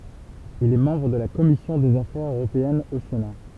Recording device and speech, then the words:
temple vibration pickup, read sentence
Il est membre de la Commission des affaires européennes au Sénat.

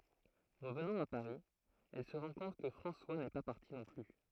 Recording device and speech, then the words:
throat microphone, read sentence
Revenant à Paris, elle se rend compte que François n’est pas parti non plus.

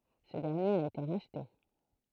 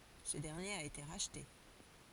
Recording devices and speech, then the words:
throat microphone, forehead accelerometer, read sentence
Ce dernier a été racheté.

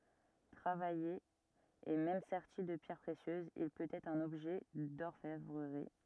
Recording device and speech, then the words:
rigid in-ear microphone, read sentence
Travaillé et même serti de pierres précieuses, il peut être un objet d'orfèvrerie.

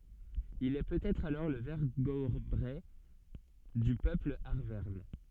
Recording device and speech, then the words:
soft in-ear microphone, read sentence
Il est peut-être alors le vergobret du peuple arverne.

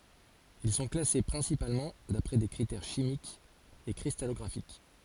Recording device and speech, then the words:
forehead accelerometer, read sentence
Ils sont classés principalement d'après des critères chimiques et cristallographiques.

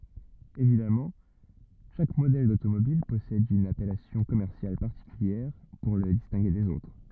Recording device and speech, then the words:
rigid in-ear microphone, read sentence
Évidemment, chaque modèle d'automobile possède une appellation commerciale particulière pour le distinguer des autres.

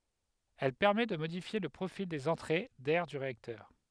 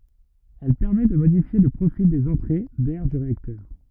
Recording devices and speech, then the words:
headset microphone, rigid in-ear microphone, read sentence
Elle permettent de modifier le profil des entrées d'air du réacteur.

